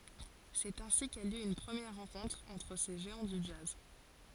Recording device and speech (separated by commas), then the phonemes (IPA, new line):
forehead accelerometer, read sentence
sɛt ɛ̃si ka ljø yn pʁəmjɛʁ ʁɑ̃kɔ̃tʁ ɑ̃tʁ se ʒeɑ̃ dy dʒaz